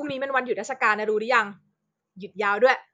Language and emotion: Thai, frustrated